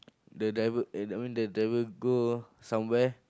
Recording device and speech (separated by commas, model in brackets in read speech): close-talking microphone, conversation in the same room